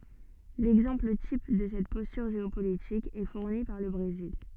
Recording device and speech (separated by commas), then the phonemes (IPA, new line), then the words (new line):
soft in-ear microphone, read sentence
lɛɡzɑ̃pl tip də sɛt pɔstyʁ ʒeopolitik ɛ fuʁni paʁ lə bʁezil
L'exemple type de cette posture géopolitique est fourni par le Brésil.